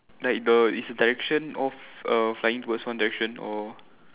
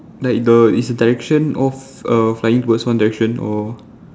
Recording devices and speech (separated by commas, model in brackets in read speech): telephone, standing microphone, conversation in separate rooms